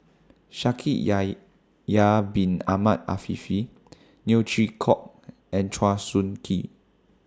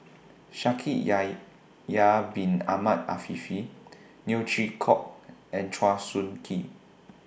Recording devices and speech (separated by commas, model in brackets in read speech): standing microphone (AKG C214), boundary microphone (BM630), read sentence